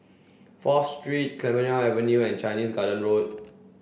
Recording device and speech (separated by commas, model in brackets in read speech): boundary microphone (BM630), read sentence